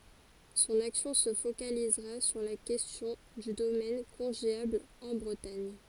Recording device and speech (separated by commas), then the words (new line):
forehead accelerometer, read sentence
Son action se focalisera sur la question du domaine congéable en Bretagne.